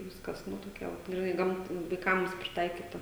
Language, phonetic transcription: Lithuanian, ˈviskas ˈnu toˈkia vat griˈnai ˈgamt vaiˈkams priˈtaikyta

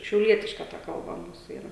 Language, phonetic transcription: Lithuanian, šiauˈlietiška ta kalˈba ˈmūsu ˈyra

